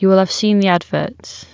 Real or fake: real